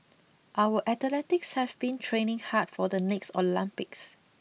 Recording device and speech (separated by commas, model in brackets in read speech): mobile phone (iPhone 6), read sentence